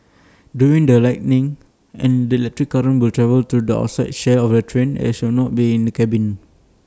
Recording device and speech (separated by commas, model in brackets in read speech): standing microphone (AKG C214), read sentence